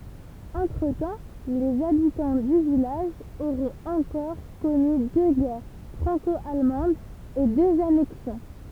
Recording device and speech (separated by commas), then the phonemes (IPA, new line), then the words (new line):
temple vibration pickup, read sentence
ɑ̃tʁətɑ̃ lez abitɑ̃ dy vilaʒ oʁɔ̃t ɑ̃kɔʁ kɔny dø ɡɛʁ fʁɑ̃kɔalmɑ̃dz e døz anɛksjɔ̃
Entre-temps, les habitants du village auront encore connu deux guerres franco-allemandes et deux annexions.